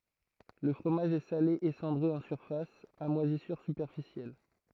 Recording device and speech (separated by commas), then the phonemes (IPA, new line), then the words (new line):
throat microphone, read sentence
lə fʁomaʒ ɛ sale e sɑ̃dʁe ɑ̃ syʁfas a mwazisyʁ sypɛʁfisjɛl
Le fromage est salé et cendré en surface, à moisissures superficielles.